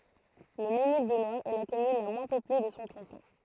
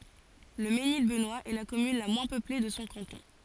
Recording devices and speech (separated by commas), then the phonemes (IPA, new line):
throat microphone, forehead accelerometer, read sentence
lə menil bənwast ɛ la kɔmyn la mwɛ̃ pøple də sɔ̃ kɑ̃tɔ̃